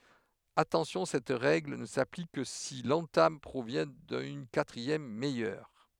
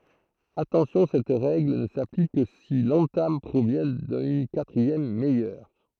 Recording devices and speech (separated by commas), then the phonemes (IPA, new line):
headset microphone, throat microphone, read sentence
atɑ̃sjɔ̃ sɛt ʁɛɡl nə saplik kə si lɑ̃tam pʁovjɛ̃ dyn katʁiɛm mɛjœʁ